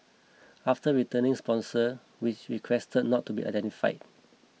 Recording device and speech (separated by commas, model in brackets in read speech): mobile phone (iPhone 6), read sentence